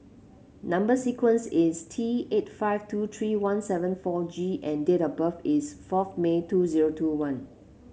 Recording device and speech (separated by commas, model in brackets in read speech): mobile phone (Samsung C7), read sentence